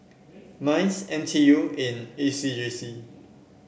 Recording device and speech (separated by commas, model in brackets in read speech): boundary microphone (BM630), read sentence